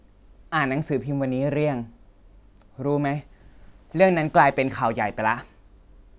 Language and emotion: Thai, frustrated